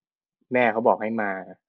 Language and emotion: Thai, neutral